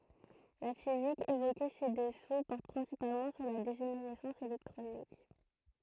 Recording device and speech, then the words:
throat microphone, read sentence
La physique évoquée ci-dessous porte principalement sur la dégénérescence électronique.

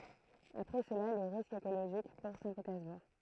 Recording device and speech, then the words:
throat microphone, read sentence
Après cela, les risques écologiques pour Saint-Pétersbourg.

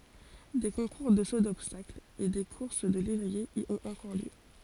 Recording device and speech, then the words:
forehead accelerometer, read sentence
Des concours de saut d'obstacle et des courses de lévriers y ont encore lieu.

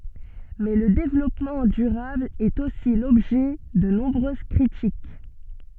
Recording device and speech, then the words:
soft in-ear microphone, read sentence
Mais le développement durable est aussi l'objet de nombreuses critiques.

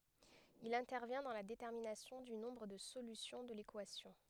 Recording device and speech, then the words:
headset microphone, read sentence
Il intervient dans la détermination du nombre de solutions de l'équation.

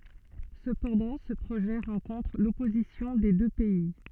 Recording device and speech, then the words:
soft in-ear microphone, read sentence
Cependant, ce projet rencontre l'opposition des deux pays.

